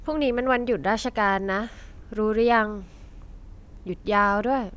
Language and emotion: Thai, frustrated